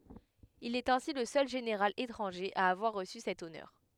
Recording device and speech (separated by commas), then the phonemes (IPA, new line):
headset microphone, read sentence
il ɛt ɛ̃si lə sœl ʒeneʁal etʁɑ̃ʒe a avwaʁ ʁəsy sɛt ɔnœʁ